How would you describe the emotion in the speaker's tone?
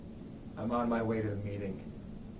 neutral